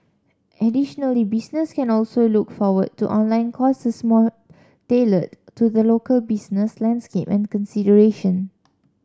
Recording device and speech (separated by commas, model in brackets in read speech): standing microphone (AKG C214), read sentence